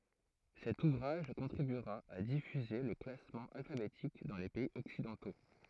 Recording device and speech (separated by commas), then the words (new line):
throat microphone, read sentence
Cet ouvrage contribuera à diffuser le classement alphabétique dans les pays occidentaux.